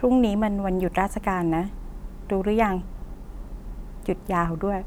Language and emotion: Thai, neutral